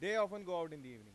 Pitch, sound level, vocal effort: 170 Hz, 100 dB SPL, loud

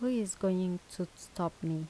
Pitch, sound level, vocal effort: 180 Hz, 80 dB SPL, soft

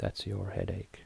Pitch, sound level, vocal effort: 105 Hz, 69 dB SPL, soft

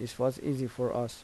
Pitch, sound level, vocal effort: 125 Hz, 81 dB SPL, soft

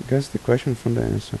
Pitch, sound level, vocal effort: 125 Hz, 79 dB SPL, soft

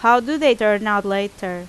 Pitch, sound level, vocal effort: 205 Hz, 90 dB SPL, loud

